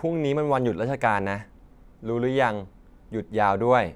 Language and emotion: Thai, neutral